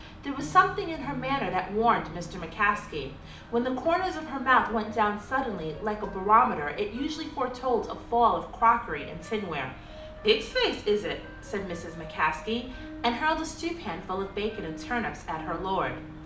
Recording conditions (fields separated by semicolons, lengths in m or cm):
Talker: one person; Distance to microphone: 2.0 m; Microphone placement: close; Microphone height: 99 cm; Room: medium-sized (5.7 m by 4.0 m); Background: music